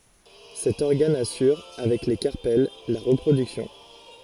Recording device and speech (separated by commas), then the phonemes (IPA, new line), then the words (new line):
forehead accelerometer, read sentence
sɛt ɔʁɡan asyʁ avɛk le kaʁpɛl la ʁəpʁodyksjɔ̃
Cet organe assure avec les carpelles la reproduction.